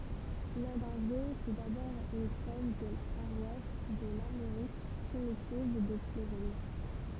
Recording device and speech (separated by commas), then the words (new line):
temple vibration pickup, read sentence
Landunvez fut d'abord une trève de la paroisse de l'Armorique primitive de Plourin.